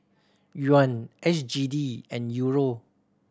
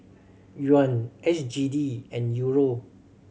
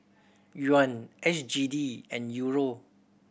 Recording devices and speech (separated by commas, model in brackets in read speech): standing microphone (AKG C214), mobile phone (Samsung C7100), boundary microphone (BM630), read sentence